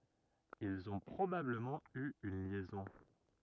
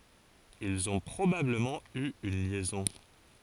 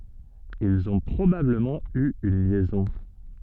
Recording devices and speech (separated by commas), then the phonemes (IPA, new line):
rigid in-ear microphone, forehead accelerometer, soft in-ear microphone, read sentence
ilz ɔ̃ pʁobabləmɑ̃ y yn ljɛzɔ̃